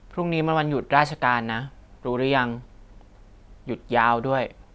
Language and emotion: Thai, neutral